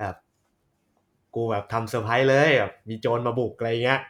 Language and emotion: Thai, happy